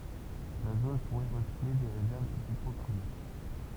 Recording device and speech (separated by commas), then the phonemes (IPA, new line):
temple vibration pickup, read sentence
la zon puʁɛ ʁəsəle de ʁezɛʁv didʁokaʁbyʁ